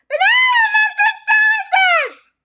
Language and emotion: English, surprised